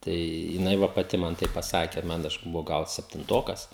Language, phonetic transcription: Lithuanian, ˈtai jiˈnai ˈva paˈti ˈman ˈtaip paˈsake ˈman ˈaš buˈvau ˈgal septinˈtokas

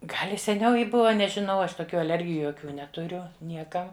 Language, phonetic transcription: Lithuanian, ˈgal' i seˈniau ˈji ˈbuva nežiˈnau ˈaš toˈkių aˈlergiju joˈkių netuˈriu ˈnieka

